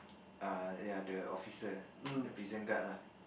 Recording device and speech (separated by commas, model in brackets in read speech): boundary microphone, conversation in the same room